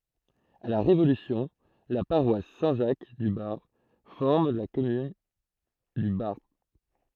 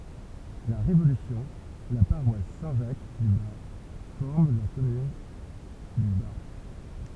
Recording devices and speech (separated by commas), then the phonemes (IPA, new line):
throat microphone, temple vibration pickup, read sentence
a la ʁevolysjɔ̃ la paʁwas sɛ̃ ʒak dy baʁp fɔʁm la kɔmyn dy baʁp